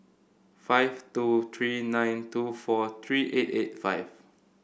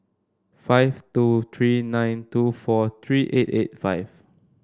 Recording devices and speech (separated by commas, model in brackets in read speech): boundary microphone (BM630), standing microphone (AKG C214), read sentence